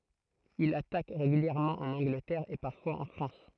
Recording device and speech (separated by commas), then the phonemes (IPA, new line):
throat microphone, read sentence
il atak ʁeɡyljɛʁmɑ̃ ɑ̃n ɑ̃ɡlətɛʁ e paʁfwaz ɑ̃ fʁɑ̃s